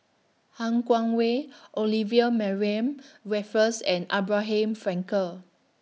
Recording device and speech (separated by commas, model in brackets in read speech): mobile phone (iPhone 6), read sentence